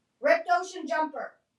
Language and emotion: English, neutral